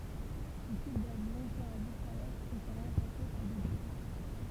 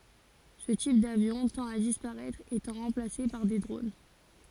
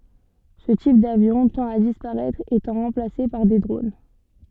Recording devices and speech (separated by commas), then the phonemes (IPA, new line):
temple vibration pickup, forehead accelerometer, soft in-ear microphone, read sentence
sə tip davjɔ̃ tɑ̃t a dispaʁɛtʁ etɑ̃ ʁɑ̃plase paʁ de dʁon